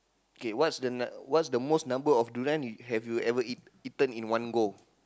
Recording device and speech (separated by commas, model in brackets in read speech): close-talking microphone, conversation in the same room